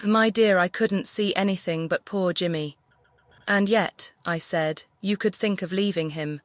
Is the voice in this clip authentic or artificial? artificial